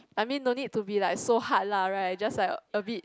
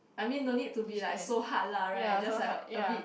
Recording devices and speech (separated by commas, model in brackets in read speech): close-talking microphone, boundary microphone, conversation in the same room